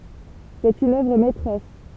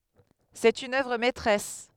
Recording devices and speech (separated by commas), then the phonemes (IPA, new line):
temple vibration pickup, headset microphone, read sentence
sɛt yn œvʁ mɛtʁɛs